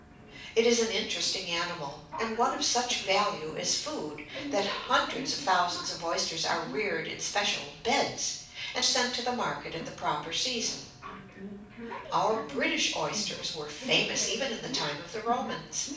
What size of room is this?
A medium-sized room.